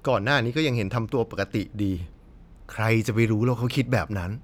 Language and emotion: Thai, frustrated